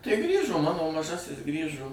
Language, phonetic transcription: Lithuanian, tai ˈgrįžo ˈmano maˈžasis ˈgrįžo

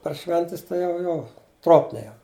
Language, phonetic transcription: Lithuanian, par ˈšventes ˈtai jau ˈjo ˈtropniai jau

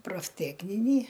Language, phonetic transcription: Lithuanian, profˈtekninį

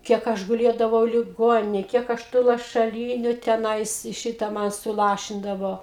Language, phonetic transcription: Lithuanian, ˈkiek ˈaš guˈlėdavau liˈgoninėj ˈkiek ˈaš tų lašaˈlyniu teˈnais ˈšita ˈman suˈlašindavo

